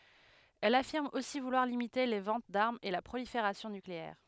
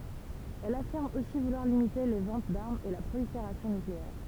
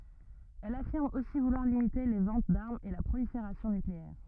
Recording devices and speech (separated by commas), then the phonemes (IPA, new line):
headset microphone, temple vibration pickup, rigid in-ear microphone, read sentence
ɛl afiʁm osi vulwaʁ limite le vɑ̃t daʁmz e la pʁolifeʁasjɔ̃ nykleɛʁ